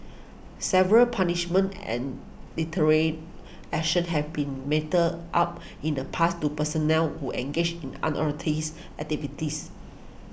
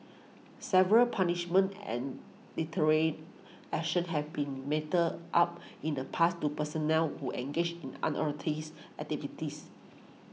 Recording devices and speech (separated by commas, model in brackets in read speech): boundary microphone (BM630), mobile phone (iPhone 6), read sentence